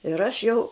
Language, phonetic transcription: Lithuanian, ir ˈaš jau

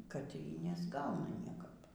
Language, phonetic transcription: Lithuanian, kad y nesˈgauna ˈniekap

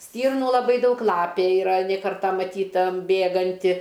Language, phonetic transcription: Lithuanian, ˈstyrnų laˈbai ˈdaug ˈlapė iˈra ne ˈkarta maˈtyta ˈbėganti

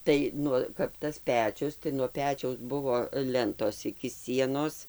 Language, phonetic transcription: Lithuanian, ˈtai ˈnu kap ˈtas ˈpečius tai nuo ˈpečiaus ˈbuvo ˈlentos iki ˈsienos

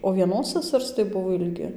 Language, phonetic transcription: Lithuanian, o vieˈnos saˈsars tai ˈbuvo ilˈgi

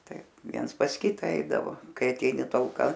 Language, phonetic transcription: Lithuanian, ˈtaip ˈviens pas ˈkita ˈeidavo ˈkai aˈteini talˈka

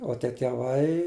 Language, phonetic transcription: Lithuanian, o ˈtie teˈvai

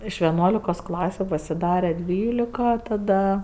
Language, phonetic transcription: Lithuanian, iš ˈveˈnuolikos ˈklasiu pasiˈdare ˈdvylika taˈda

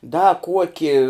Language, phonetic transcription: Lithuanian, da ˈkuoki

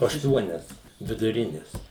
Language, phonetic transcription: Lithuanian, ašˈtuonias viduˈrinis

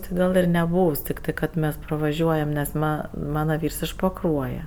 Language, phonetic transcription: Lithuanian, tɜ ˈgal ir neˈbūvs tikˈtɜ kad ˈmes pravaˈžiuojam nes ˈma ˈmana ˈvyrs iš paˈkruoje

